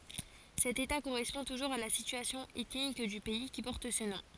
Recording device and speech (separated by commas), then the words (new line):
forehead accelerometer, read sentence
Cet état correspond toujours à la situation ethnique du pays qui porte ce nom.